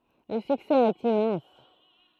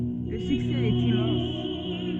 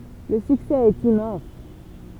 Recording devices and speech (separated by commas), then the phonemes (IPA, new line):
throat microphone, soft in-ear microphone, temple vibration pickup, read sentence
lə syksɛ ɛt immɑ̃s